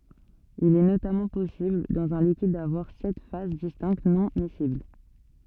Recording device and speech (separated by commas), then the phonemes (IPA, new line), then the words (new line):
soft in-ear microphone, read sentence
il ɛ notamɑ̃ pɔsibl dɑ̃z œ̃ likid davwaʁ sɛt faz distɛ̃kt nɔ̃ misibl
Il est notamment possible dans un liquide d'avoir sept phases distinctes non-miscibles.